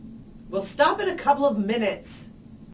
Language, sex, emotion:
English
female
angry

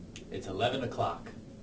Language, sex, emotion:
English
male
neutral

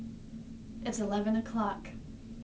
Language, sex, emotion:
English
female
neutral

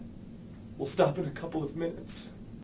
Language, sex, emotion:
English
male
sad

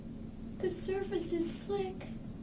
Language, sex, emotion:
English
female
fearful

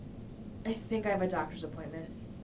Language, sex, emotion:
English
female
neutral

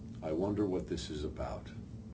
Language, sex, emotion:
English
male
neutral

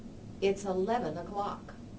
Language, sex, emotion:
English
female
neutral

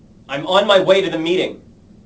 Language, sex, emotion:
English
male
angry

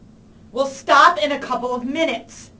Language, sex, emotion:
English
female
angry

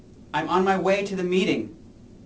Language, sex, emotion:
English
male
neutral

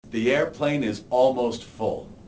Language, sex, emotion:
English
male
neutral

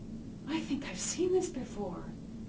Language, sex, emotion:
English
female
fearful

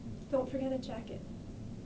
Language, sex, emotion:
English
female
neutral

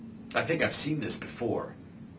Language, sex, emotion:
English
male
neutral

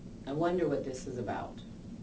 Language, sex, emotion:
English
female
neutral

